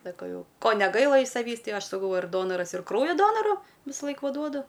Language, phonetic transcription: Lithuanian, saˈkau ˈjau ˈko neˈgaila iš saˈvįs ˈtai ˈaš saˈkau ir ˈdonoras ir ˈkraujo ˈdonoru visaˈlaik ˈva ˈduodu

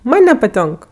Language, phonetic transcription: Lithuanian, ˈman' nepaˈtionk

